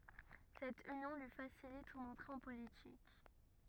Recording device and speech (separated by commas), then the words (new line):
rigid in-ear microphone, read sentence
Cette union lui facilite son entrée en politique.